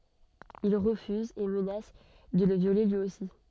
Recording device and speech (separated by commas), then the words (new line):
soft in-ear microphone, read sentence
Ils refusent et menacent de le violer lui aussi.